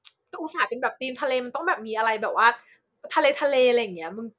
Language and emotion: Thai, happy